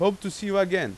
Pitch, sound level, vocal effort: 195 Hz, 95 dB SPL, very loud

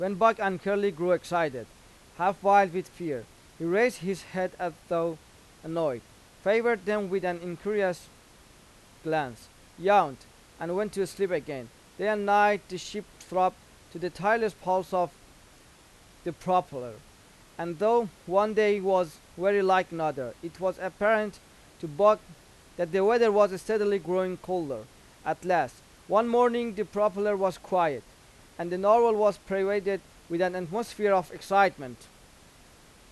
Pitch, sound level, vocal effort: 185 Hz, 93 dB SPL, loud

